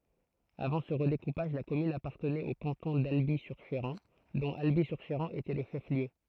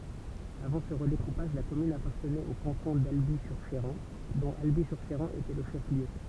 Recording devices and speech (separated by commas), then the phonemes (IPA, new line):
throat microphone, temple vibration pickup, read sentence
avɑ̃ sə ʁədekupaʒ la kɔmyn apaʁtənɛt o kɑ̃tɔ̃ dalbi syʁ ʃeʁɑ̃ dɔ̃t albi syʁ ʃeʁɑ̃ etɛ lə ʃɛf ljø